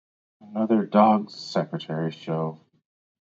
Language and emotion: English, fearful